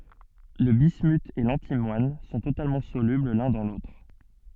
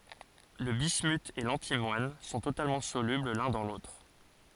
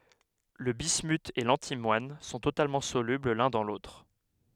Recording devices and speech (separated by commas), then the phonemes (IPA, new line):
soft in-ear microphone, forehead accelerometer, headset microphone, read sentence
lə bismyt e lɑ̃timwan sɔ̃ totalmɑ̃ solybl lœ̃ dɑ̃ lotʁ